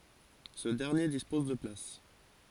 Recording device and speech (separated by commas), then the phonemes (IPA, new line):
forehead accelerometer, read sentence
sə dɛʁnje dispɔz də plas